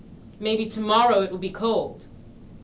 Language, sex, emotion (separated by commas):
English, female, angry